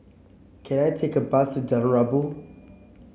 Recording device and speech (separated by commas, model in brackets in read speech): mobile phone (Samsung C7), read sentence